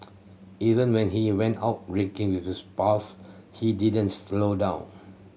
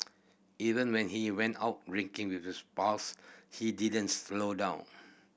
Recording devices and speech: mobile phone (Samsung C7100), boundary microphone (BM630), read sentence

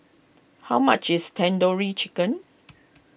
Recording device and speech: boundary microphone (BM630), read sentence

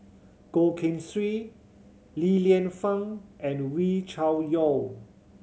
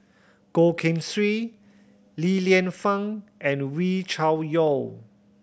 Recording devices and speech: mobile phone (Samsung C7100), boundary microphone (BM630), read sentence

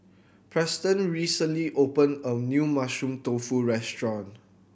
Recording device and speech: boundary microphone (BM630), read sentence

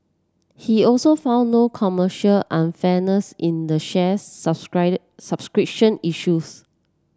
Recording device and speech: standing microphone (AKG C214), read sentence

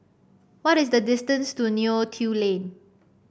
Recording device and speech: boundary microphone (BM630), read sentence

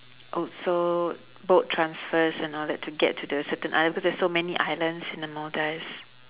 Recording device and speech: telephone, conversation in separate rooms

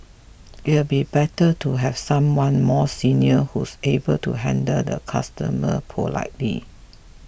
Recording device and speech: boundary microphone (BM630), read sentence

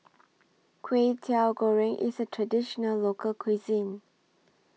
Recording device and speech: mobile phone (iPhone 6), read sentence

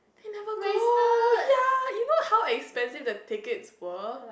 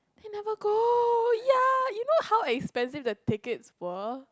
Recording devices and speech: boundary microphone, close-talking microphone, conversation in the same room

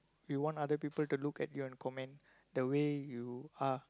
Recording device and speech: close-talking microphone, conversation in the same room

